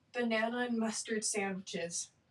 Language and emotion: English, fearful